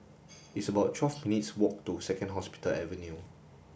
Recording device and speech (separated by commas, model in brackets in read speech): boundary microphone (BM630), read sentence